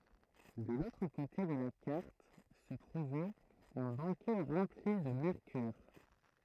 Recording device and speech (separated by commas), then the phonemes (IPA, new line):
throat microphone, read sentence
də lotʁ kote də la kaʁt sə tʁuvɛt œ̃ bakɛ ʁɑ̃pli də mɛʁkyʁ